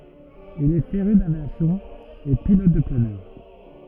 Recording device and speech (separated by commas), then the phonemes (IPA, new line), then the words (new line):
rigid in-ear microphone, read sentence
il ɛ feʁy davjasjɔ̃ e pilɔt də planœʁ
Il est féru d’aviation et pilote de planeur.